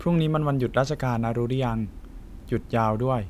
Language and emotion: Thai, neutral